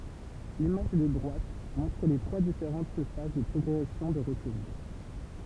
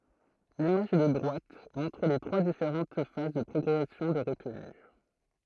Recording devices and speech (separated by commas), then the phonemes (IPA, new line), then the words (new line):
temple vibration pickup, throat microphone, read sentence
limaʒ də dʁwat mɔ̃tʁ le tʁwa difeʁɑ̃t faz də pʁɔɡʁɛsjɔ̃ də ʁətny
L'image de droite montre les trois différentes phases de progression de retenue.